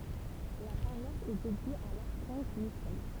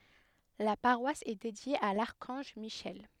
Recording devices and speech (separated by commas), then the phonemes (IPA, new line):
temple vibration pickup, headset microphone, read sentence
la paʁwas ɛ dedje a laʁkɑ̃ʒ miʃɛl